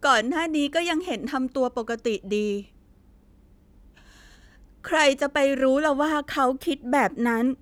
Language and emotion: Thai, sad